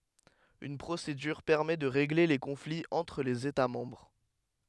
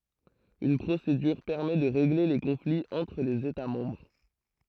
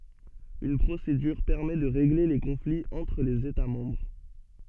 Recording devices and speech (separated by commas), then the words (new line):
headset microphone, throat microphone, soft in-ear microphone, read sentence
Une procédure permet de régler les conflits entre les États membres.